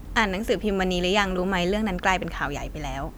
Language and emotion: Thai, neutral